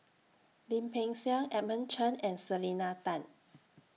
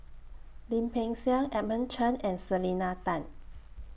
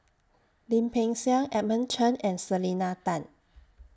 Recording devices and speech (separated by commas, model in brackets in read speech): mobile phone (iPhone 6), boundary microphone (BM630), standing microphone (AKG C214), read sentence